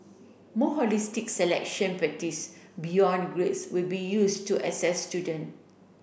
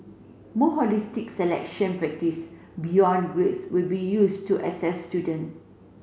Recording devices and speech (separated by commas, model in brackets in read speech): boundary microphone (BM630), mobile phone (Samsung C7), read sentence